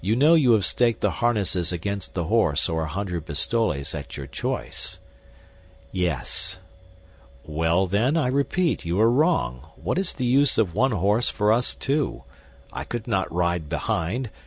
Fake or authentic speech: authentic